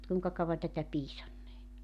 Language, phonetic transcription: Finnish, mut 'kuiŋka 'kauvan tätä 'piisannee .
- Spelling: mutta kuinka kauan tätä piisannee

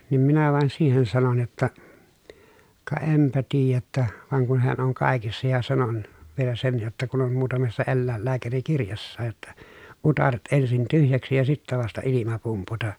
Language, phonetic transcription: Finnish, niim minä vàen siihen sanon jotta , » ka empä tiijä ‿ttä , vàeŋ kun heän oŋ kàekissa » ja sanon , vielä sen jotta » kun ‿om muutamessa ellä̀ellääkärikirjassaaj jotta , utaret ensin tyhjäksi ja sittä vasta ilima pumputa .
- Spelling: niin minä vain siihen sanoin jotta ka enpä tiedä että vaan kun he on kaikissa ja sanoin vielä sen jotta kun on muutamassa eläinlääkärikirjassakin jotta utareet ensin tyhjäksi ja sitten vasta ilma pumputa

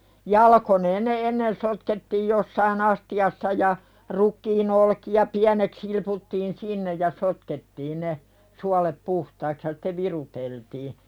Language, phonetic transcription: Finnish, jalakoneen ne 'ennen sotkettiij jossai"n ‿asti₍assa ja , 'rukkiin ‿olkija "piänek silputtiin 'sinnej ja 'sotkettiin ne , 'sualep "puhtaiks ja sᴵte "viruteltii .
- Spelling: jalkoineen ne ennen sotkettiin jossakin astiassa ja rukiin olkia pieneksi silputtiin sinne ja sotkettiin ne suolet puhtaiksi ja sitten viruteltiin

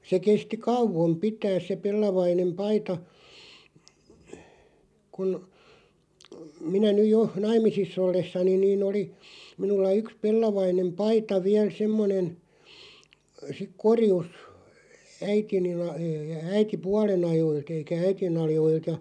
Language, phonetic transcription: Finnish, se 'kesti "kauvom 'pitääs se 'pellavainem 'paita , kun , 'minä nyj 'jo , "naim̆misis's ‿ollessaniⁿ niin oli , 'minulla 'yks "pellavainem "paita 'viäl 'semmonen , sik "korjus , 'äitiniˡ la- , ää- 'äiti"pualen ‿ajoil't ‿eikä "äiti'n ‿al̳§joilt ja ,.
- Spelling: se kesti kauan pitää se pellavainen paita kun minä nyt jo naimisissa ollessani niin oli minulla yksi pellavainen paita vielä semmoinen sitten korjussa äitini - - äitipuolen ajoilta eikä äitini ajoilta ja

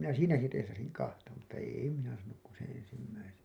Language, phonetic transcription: Finnish, minä "siinäki teesasiŋ 'kahta mutta 'èi minä saanuk ku seḛ 'ensimmäisen̬ .
- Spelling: minä siinäkin teesasin kahta mutta ei minä saanut kuin sen ensimmäisen

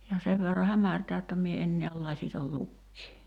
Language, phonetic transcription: Finnish, ja 'sev verra 'hämärtää jotta mie en niäl 'lasital 'lukkii .
- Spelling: ja sen verran hämärtää jotta minä en näe lasitta lukea

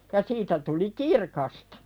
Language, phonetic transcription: Finnish, ja 'siitä tuli "kirkastᴀ .
- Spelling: ja siitä tuli kirkasta

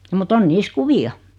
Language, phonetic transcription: Finnish, mu't ‿on 'niis "kuvi₍a .
- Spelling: mutta on niissä kuvia

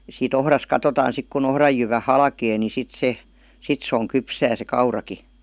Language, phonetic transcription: Finnish, sii"t ‿ohras 'katotaan sik ku'n ‿ohraj jyvä "halkee ni 'sit 'se , 'sit s ‿oŋ 'kypsää se "kauraki .
- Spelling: siitä ohrasta katsotaan sitten kun ohran jyvä halkeaa niin sitten se sitten se on kypsää se kaurakin

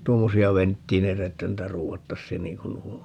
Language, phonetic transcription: Finnish, 'tuommosi₍a "venttiineitä että 'ruuvattassiin 'niiŋ kun "nuo on .
- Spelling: tuommoisia venttiileitä että ruuvattaisiin niin kuin nuo on

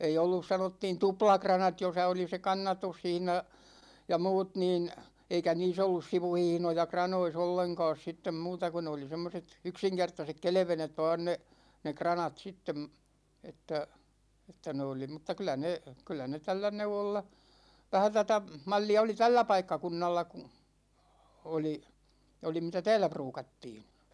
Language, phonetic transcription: Finnish, ei 'ollus 'sanottiin "tuplakranat 'josa oli se "kannatushihna , ja 'muut niin , 'eikä "nii's ‿ollus 'sivuhihnoja "kranois 'olleŋka̭a̭s 'sittem 'muuta ku ne oli 'semmoset , 'yksiŋkertasek "kelᵉvenet 'vaan ne , 'ne "kranat sittem , 'että , 'että ne oli m̥tta 'kylä ne , 'kyllä ne "tällä 'neuwolla , 'vähä tätä , 'mal͕l͕li₍a oli "tällä 'paikkakunnalla (ku) , 'oli , (ja) 'oli mitä "täälä 'pruukattiin̬ .
- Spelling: ei ollut sanottiin tuplakranat jossa oli se kannatushihna ja muut niin eikä niissä ollut sivuhihnoja kranoissa ollenkaan sitten muuta kun ne oli semmoiset yksinkertaiset kelvenet vain ne ne kranat sitten että että ne oli mutta kyllä ne kyllä ne tällä neuvolla vähän tätä mallia oli tällä paikkakunnalla kun oli ja oli mitä täällä ruukattiin

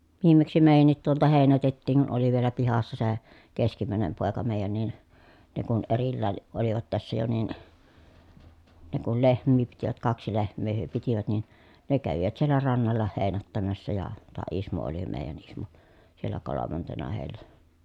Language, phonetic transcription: Finnish, viimmeksi mèi̮jännit tuolta hèinätettiiŋ kun oli vielä pihassa se , keskimä̀enem pòeka mèi̮jän nin , ne kun erillään̬ , ʼolivat tässä jo nin , ne kul lehm̆mii pitivät kaksi lehm̀ee hyö pitivät nin , ne kävivät siellä rannalla heenättämässä ja , taa Ismo oli mèi̮jän ‿Ismo , siellä kolomantena hèi̮llä .
- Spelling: viimeksi meidänkin tuolta heinätettiin kun oli vielä pihassa se keskimmäinen poika meidän niin ne kun erillään olivat tässä jo niin ne kun lehmiä pitivät kaksi lehmää he pitivät niin ne kävivät siellä rannalla heinättämässä ja taa Ismo oli meidän Ismo siellä kolmantena heillä

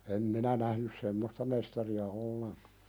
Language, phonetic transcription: Finnish, em 'minä nähnys "semmosta mestari₍a 'olleŋkᴀ .
- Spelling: en minä nähnyt semmoista mestaria ollenkaan

